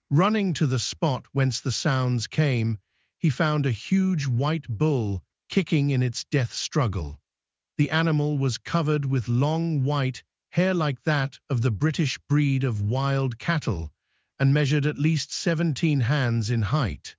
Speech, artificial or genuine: artificial